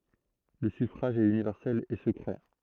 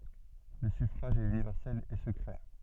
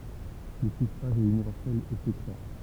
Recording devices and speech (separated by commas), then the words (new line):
throat microphone, soft in-ear microphone, temple vibration pickup, read sentence
Le suffrage est universel et secret.